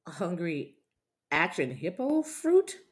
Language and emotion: English, fearful